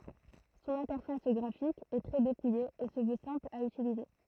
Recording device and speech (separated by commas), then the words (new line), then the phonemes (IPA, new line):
throat microphone, read sentence
Son interface graphique est très dépouillée et se veut simple à utiliser.
sɔ̃n ɛ̃tɛʁfas ɡʁafik ɛ tʁɛ depuje e sə vø sɛ̃pl a ytilize